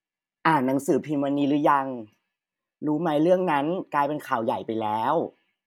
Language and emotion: Thai, neutral